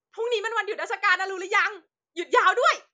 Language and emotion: Thai, happy